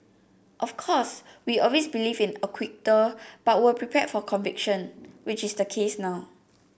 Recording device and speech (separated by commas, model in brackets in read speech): boundary microphone (BM630), read sentence